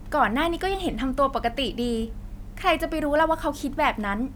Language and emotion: Thai, frustrated